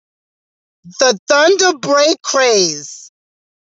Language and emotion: English, sad